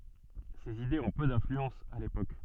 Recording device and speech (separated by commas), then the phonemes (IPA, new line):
soft in-ear microphone, read sentence
sez idez ɔ̃ pø dɛ̃flyɑ̃s a lepok